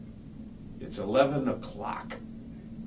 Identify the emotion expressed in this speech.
disgusted